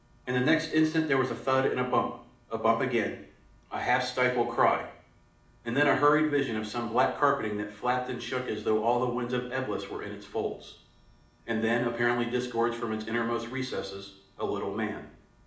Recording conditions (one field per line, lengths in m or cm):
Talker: one person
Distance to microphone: 2.0 m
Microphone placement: close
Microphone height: 99 cm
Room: medium-sized (5.7 m by 4.0 m)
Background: none